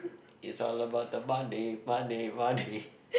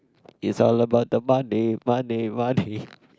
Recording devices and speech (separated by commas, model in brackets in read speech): boundary microphone, close-talking microphone, conversation in the same room